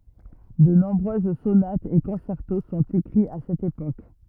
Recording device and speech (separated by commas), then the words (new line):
rigid in-ear microphone, read sentence
De nombreuses sonates et concertos sont écrits à cette époque.